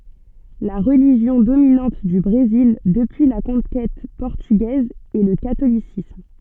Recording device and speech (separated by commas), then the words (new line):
soft in-ear microphone, read sentence
La religion dominante du Brésil depuis la conquête portugaise est le catholicisme.